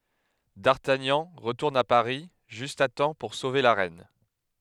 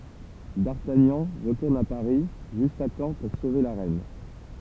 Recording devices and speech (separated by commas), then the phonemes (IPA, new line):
headset microphone, temple vibration pickup, read sentence
daʁtaɲɑ̃ ʁətuʁn a paʁi ʒyst a tɑ̃ puʁ sove la ʁɛn